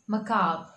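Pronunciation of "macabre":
'Macabre' is said with the American English pronunciation.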